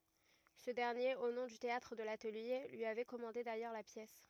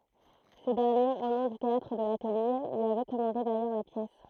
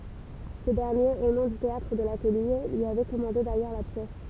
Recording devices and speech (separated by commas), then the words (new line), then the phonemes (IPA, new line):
rigid in-ear microphone, throat microphone, temple vibration pickup, read sentence
Ce dernier, au nom du Théâtre de l'Atelier, lui avait commandé d'ailleurs la pièce.
sə dɛʁnjeʁ o nɔ̃ dy teatʁ də latəlje lyi avɛ kɔmɑ̃de dajœʁ la pjɛs